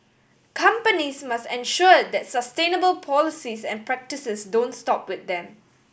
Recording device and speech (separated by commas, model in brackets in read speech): boundary microphone (BM630), read sentence